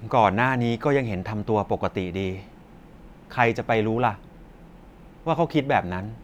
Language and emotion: Thai, sad